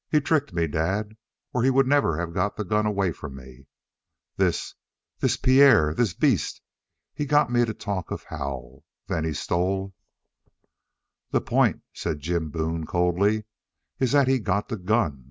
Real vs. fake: real